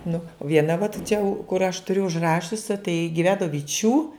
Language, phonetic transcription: Lithuanian, nu ˈviena vat čia kur aš tuˈriu užˈrašiusi tai giˈveno viˈčių

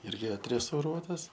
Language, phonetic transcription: Lithuanian, ˈirgi atrestauˈruotas

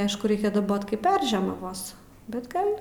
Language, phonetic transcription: Lithuanian, ˈaišku ˈreikia daˈbot ˈkaip ˈperžiemavos bet ˈgal'

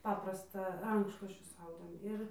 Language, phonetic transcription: Lithuanian, ˈpaprastą ˈrankšluosčius ˈaudėm ˈir

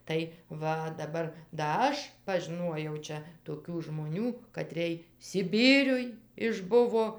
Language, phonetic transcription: Lithuanian, tai ˈva daˈbar da ˈaš pažiˈnuojau ˈčia toˈkių žmoˈnių katrėj siˈbyriuj išˈbuvo

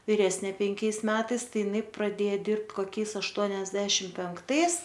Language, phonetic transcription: Lithuanian, viˈresnė penˈkiais ˈmetais ˈtai iˈnai praˈdėja ˈdirbt koˈkiais ašˈtuoniasdešim penkˈtais

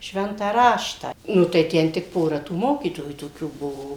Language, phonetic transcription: Lithuanian, ˈšventą ˈraštą ˈnu tai ˈten tik ˈpora tų ˈmokytojų toˈkių ˈbuvo

